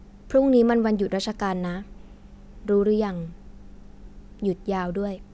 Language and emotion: Thai, neutral